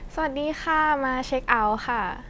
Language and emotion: Thai, neutral